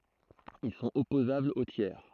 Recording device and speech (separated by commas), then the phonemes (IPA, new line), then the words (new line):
throat microphone, read sentence
il sɔ̃t ɔpozablz o tjɛʁ
Ils sont opposables aux tiers.